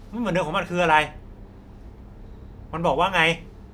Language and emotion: Thai, angry